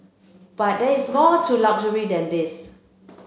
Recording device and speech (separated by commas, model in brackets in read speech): mobile phone (Samsung C7), read sentence